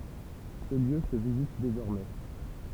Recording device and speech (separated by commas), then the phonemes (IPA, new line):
temple vibration pickup, read sentence
sə ljø sə vizit dezɔʁmɛ